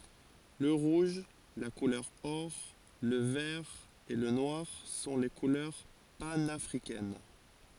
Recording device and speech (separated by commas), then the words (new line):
forehead accelerometer, read sentence
Le rouge, la couleur or, le vert et le noir sont les couleurs panafricaines.